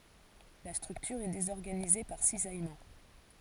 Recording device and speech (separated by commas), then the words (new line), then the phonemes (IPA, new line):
forehead accelerometer, read sentence
La structure est désorganisée par cisaillement.
la stʁyktyʁ ɛ dezɔʁɡanize paʁ sizajmɑ̃